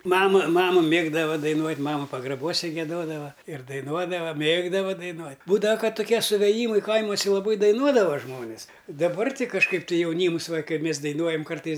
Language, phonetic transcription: Lithuanian, ˈmama ˈmama ˈmėgdava daiˈnuot' ˈmama pagraˈbuose gieˈdodava ir daiˈnuodava ˈmėgdava daiˈnuot' ˈbūdava ˈkad tuˈkie suvėˈjymai ˈkaimuose laˈbai daiˈnuodava ˈžmonis daˈbar ˈti kažˈkaip tai jauˈnyms va kai ˈmės daiˈnuojam ˈkartais

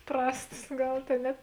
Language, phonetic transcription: Lithuanian, ˈprastas ˈgal ˈtėn ne

